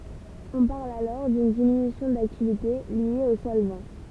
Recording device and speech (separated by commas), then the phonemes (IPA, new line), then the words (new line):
temple vibration pickup, read sentence
ɔ̃ paʁl alɔʁ dyn diminysjɔ̃ daktivite lje o sɔlvɑ̃
On parle alors d'une diminution d'activité liée au solvant.